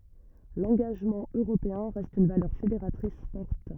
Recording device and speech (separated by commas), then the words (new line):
rigid in-ear microphone, read sentence
L'engagement européen reste une valeur fédératrice forte.